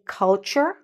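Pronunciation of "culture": In 'culture', the u is said as the short U sound, not like an OO. This is the correct pronunciation.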